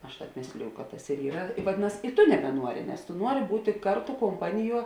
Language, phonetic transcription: Lithuanian, ˈaš ˈtāp ˈmėsliju kad tas ir ˈyra vaˈdinas i ˈtu nebeˈnuori nes tu ˈnuori ˈbūti ˈkarˌtu komˈpaniˌjuo

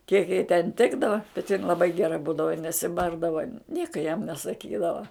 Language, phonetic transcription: Lithuanian, kiek jai ten ˈtikdava bet jin laˈbai geˈra ˈbūdava i nesiˈbardava ˈnieka jam nesaˈkydava

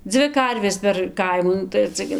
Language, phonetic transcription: Lithuanian, ˈdzvi ˈkarvės per ˈkaimų ˈnu tai ar ˈcia gi

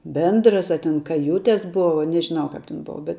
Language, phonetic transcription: Lithuanian, ˈbendras a ten ˈkajutes ˈbuva nežiˈnau ˈkap ten ˈbova bet

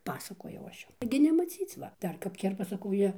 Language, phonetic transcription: Lithuanian, ˈpasakojau ˈaš ˈjum ˈtaigi nemaˈcyc ˈva ˈdar kap ˈkerpa saˈkau ˈjie

